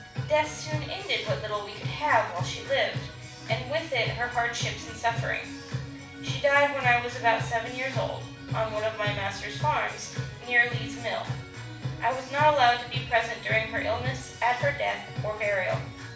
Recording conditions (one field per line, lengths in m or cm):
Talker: one person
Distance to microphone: 5.8 m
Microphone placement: far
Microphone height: 1.8 m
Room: medium-sized (5.7 m by 4.0 m)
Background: music